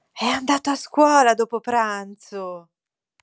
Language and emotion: Italian, happy